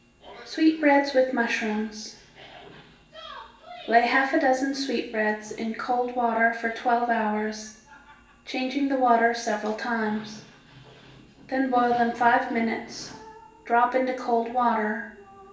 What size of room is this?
A large room.